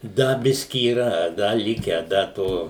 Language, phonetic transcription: Lithuanian, ˈda ˈbiski yˈra ˈda ˈlikę ˈda ˈto

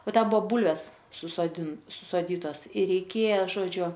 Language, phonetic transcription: Lithuanian, o ˈten ˈbuvo ˈbulves susoˈdin ti susoˈdytos ir reiˈkėja ˈžodžiu

